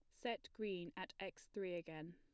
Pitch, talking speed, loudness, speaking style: 175 Hz, 185 wpm, -48 LUFS, plain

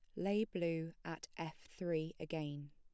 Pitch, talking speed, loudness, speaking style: 165 Hz, 145 wpm, -42 LUFS, plain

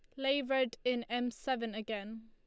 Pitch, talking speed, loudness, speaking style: 245 Hz, 175 wpm, -35 LUFS, Lombard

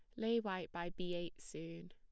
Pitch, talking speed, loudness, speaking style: 175 Hz, 210 wpm, -43 LUFS, plain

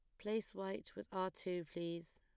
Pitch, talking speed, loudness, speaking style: 185 Hz, 185 wpm, -44 LUFS, plain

